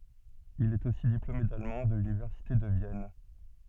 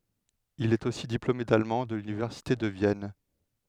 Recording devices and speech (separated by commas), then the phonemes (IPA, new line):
soft in-ear microphone, headset microphone, read sentence
il ɛt osi diplome dalmɑ̃ də lynivɛʁsite də vjɛn